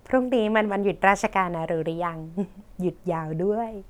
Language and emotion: Thai, happy